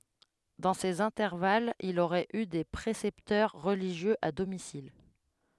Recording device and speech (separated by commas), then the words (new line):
headset microphone, read sentence
Dans ces intervalles, il aurait eu des précepteurs religieux à domicile.